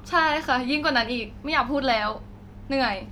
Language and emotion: Thai, frustrated